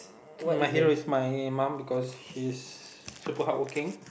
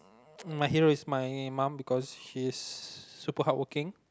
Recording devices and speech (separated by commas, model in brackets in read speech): boundary microphone, close-talking microphone, conversation in the same room